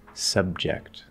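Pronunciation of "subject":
In 'subject', the b is a held b without a strong cutoff.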